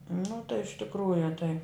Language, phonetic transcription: Lithuanian, nu tai iš tikˈrųju tai

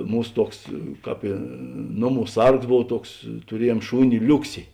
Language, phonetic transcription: Lithuanian, ˈmūs ˈtuoks ˈkāp i ˈnoˌmų ˈsargs ˈbov ˈtuoks tuˈrieˌjuom ˈšūni ˈliuksi

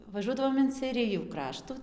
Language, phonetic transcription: Lithuanian, vaˈžuodavom in seiˈrijų ˈkraštų

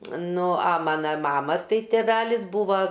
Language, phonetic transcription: Lithuanian, ˈnu a ˈmana ˈmamas ˈtai teˈvelis ˈbūva

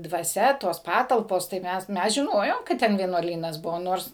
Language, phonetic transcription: Lithuanian, dvaˈsia ˈtos ˈpatalpos tai ˈmes ˈmes žiˈnojom kad ˈten vienuoˈlynas ˈbuvo ˈnors

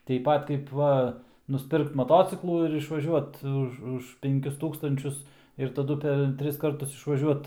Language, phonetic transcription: Lithuanian, teip ˈpat kaip ˈva nusˈpirkt maˈtociklų ir išvaˈžiuot ˈuž už ˈpenˈkius ˈtūkstančius ir taˈdu per ˈtris ˈkartus išvaˈžiuot

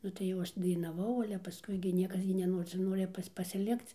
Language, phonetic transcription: Lithuanian, ˈnu tai jau ˈaš dainaˈvau ˈale paˈskui gi ˈniekas gi neˈnori cia ˈnori ˈpas' pasiˈlikc

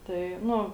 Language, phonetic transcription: Lithuanian, tai ˈnu

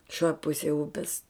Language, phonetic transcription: Lithuanian, šioj ˈpusėj ˈupes

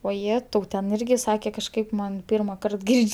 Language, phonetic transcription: Lithuanian, oˈjetau ten ˈirgi ˈsakė kažˈkaip ˈman ˈpyrmaˌkart ˈgirdž'

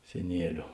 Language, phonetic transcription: Lithuanian, seˈnieliu

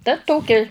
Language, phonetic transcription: Lithuanian, ta ˈtoki

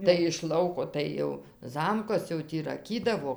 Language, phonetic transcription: Lithuanian, tai iš ˈlauko ˈtai jau ˈzamkas jau ˈtį raˈkydavo

